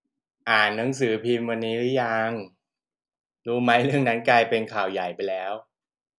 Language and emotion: Thai, neutral